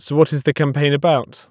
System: none